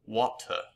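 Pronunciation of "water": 'Water' is said the British way, with the emphasis on the t.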